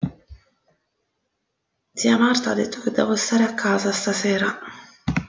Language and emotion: Italian, sad